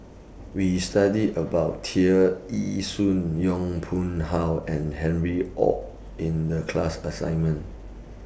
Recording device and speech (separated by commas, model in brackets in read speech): boundary microphone (BM630), read sentence